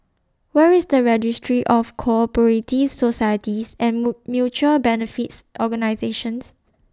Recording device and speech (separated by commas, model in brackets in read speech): standing microphone (AKG C214), read sentence